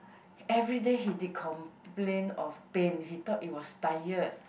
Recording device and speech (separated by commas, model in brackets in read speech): boundary microphone, conversation in the same room